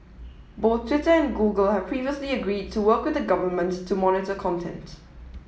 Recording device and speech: mobile phone (iPhone 7), read sentence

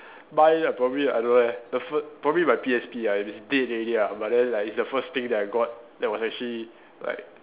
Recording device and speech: telephone, conversation in separate rooms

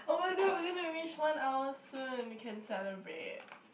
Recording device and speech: boundary microphone, conversation in the same room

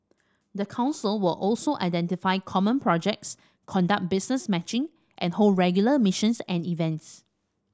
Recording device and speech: standing microphone (AKG C214), read sentence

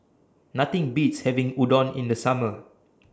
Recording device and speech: standing microphone (AKG C214), read sentence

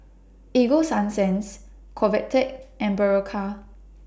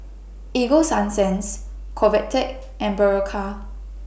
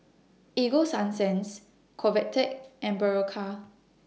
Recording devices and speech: standing microphone (AKG C214), boundary microphone (BM630), mobile phone (iPhone 6), read sentence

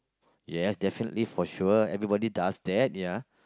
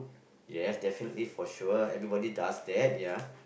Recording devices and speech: close-talking microphone, boundary microphone, conversation in the same room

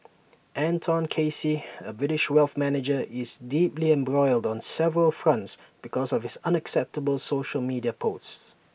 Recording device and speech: boundary microphone (BM630), read sentence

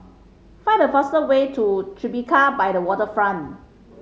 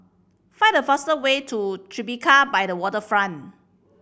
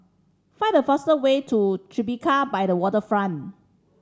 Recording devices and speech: mobile phone (Samsung C5010), boundary microphone (BM630), standing microphone (AKG C214), read sentence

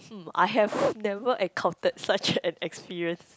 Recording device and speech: close-talking microphone, conversation in the same room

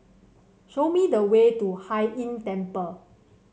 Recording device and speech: mobile phone (Samsung C7), read sentence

